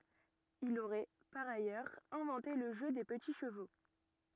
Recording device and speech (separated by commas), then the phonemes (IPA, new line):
rigid in-ear microphone, read sentence
il oʁɛ paʁ ajœʁz ɛ̃vɑ̃te lə ʒø de pəti ʃəvo